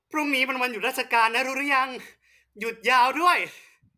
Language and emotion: Thai, happy